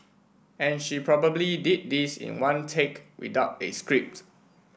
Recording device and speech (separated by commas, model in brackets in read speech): boundary microphone (BM630), read sentence